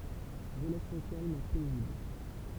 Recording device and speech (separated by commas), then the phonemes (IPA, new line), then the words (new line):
temple vibration pickup, read sentence
ʁəlasjɔ̃ kalm pɛzibl
Relations calmes, paisibles.